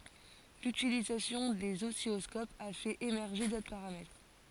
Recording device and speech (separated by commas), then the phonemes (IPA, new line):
forehead accelerometer, read sentence
lytilizasjɔ̃ dez ɔsilɔskopz a fɛt emɛʁʒe dotʁ paʁamɛtʁ